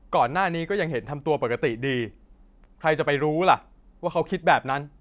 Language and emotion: Thai, angry